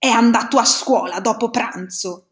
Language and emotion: Italian, angry